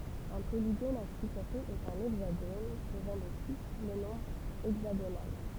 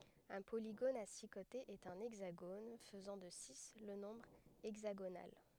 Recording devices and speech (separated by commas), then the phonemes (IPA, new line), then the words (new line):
temple vibration pickup, headset microphone, read sentence
œ̃ poliɡon a si kotez ɛt œ̃ ɛɡzaɡon fəzɑ̃ də si lə nɔ̃bʁ ɛɡzaɡonal
Un polygone à six côtés est un hexagone, faisant de six le nombre hexagonal.